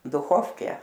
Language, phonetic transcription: Lithuanian, duˈchofke

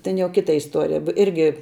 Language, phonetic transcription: Lithuanian, ten jau ˈkita isˈtuorija b ˈirgi

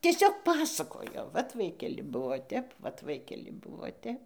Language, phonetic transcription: Lithuanian, tieˈsiog ˈpasakojo ˈvat ˈvaikeli ˈbuo ˈtep vat ˈvaikeli ˈbuvo ˈtep

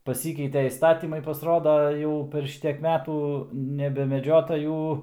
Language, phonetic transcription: Lithuanian, paˈsykeitė įsˈtatymai pasˈroda ˈjau per ˈšitiek ˈmetų nebemeˈdžiota ˈjų

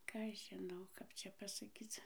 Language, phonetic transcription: Lithuanian, ˈką aš žiˈnau ˈkap čia pasaˈkyc

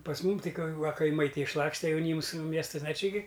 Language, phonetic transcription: Lithuanian, pas ˈmum ˈtai ka va kaiˈmai ˈtai išˈlakste jauˈnyms ˈmiestasn a ˈči gi

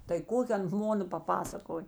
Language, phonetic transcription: Lithuanian, tai ˈkoki ˈan ˈmona paˈpasakoj

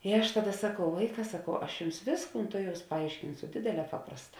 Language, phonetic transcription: Lithuanian, i ˈaš ˈtaˌda saˈkau ˈvaiˌkā saˈkau ˈaš ˈjums ˈvėsˌkūn ˈtuˌjaus paˈaiškinsu ˈdėdėˌlē ˈpaprasˌtā

